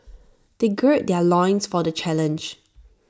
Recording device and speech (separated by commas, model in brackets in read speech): standing microphone (AKG C214), read sentence